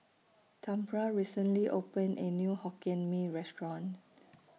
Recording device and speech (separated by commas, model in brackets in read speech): mobile phone (iPhone 6), read sentence